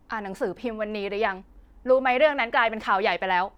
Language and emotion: Thai, frustrated